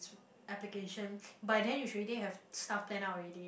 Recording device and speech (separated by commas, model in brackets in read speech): boundary microphone, conversation in the same room